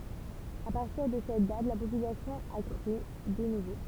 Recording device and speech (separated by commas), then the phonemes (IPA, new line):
temple vibration pickup, read sentence
a paʁtiʁ də sɛt dat la popylasjɔ̃ a kʁy də nuvo